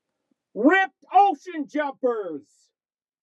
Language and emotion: English, happy